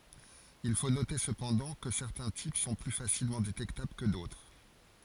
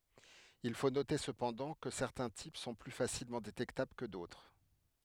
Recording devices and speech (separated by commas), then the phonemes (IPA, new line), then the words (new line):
forehead accelerometer, headset microphone, read sentence
il fo note səpɑ̃dɑ̃ kə sɛʁtɛ̃ tip sɔ̃ ply fasilmɑ̃ detɛktabl kə dotʁ
Il faut noter, cependant, que certains types sont plus facilement détectables que d'autres.